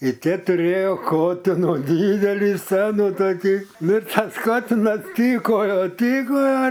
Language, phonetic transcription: Lithuanian, i ˈtie tuˈrėjo ˈkotino ˈdydeli ˈsenu toˈkį ˈnu i ˈtas ˈkotinas ˈtykojo ˈtykojo

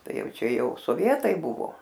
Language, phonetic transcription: Lithuanian, ˈtai ˈjau ˈčia ˈjau soˈvietai ˈbuvo

